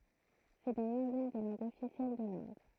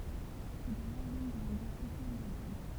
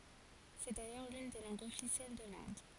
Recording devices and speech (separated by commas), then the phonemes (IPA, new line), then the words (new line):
throat microphone, temple vibration pickup, forehead accelerometer, read sentence
sɛ dajœʁ lyn de lɑ̃ɡz ɔfisjɛl də lɛ̃d
C'est d'ailleurs l'une des langues officielles de l'Inde.